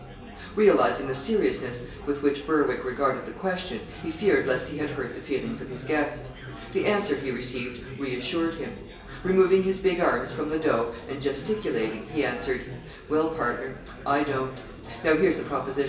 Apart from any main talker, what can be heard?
Crowd babble.